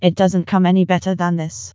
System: TTS, vocoder